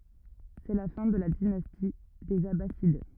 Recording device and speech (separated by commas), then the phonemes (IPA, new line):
rigid in-ear microphone, read sentence
sɛ la fɛ̃ də la dinasti dez abasid